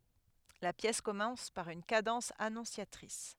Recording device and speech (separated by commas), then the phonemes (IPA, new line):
headset microphone, read sentence
la pjɛs kɔmɑ̃s paʁ yn kadɑ̃s anɔ̃sjatʁis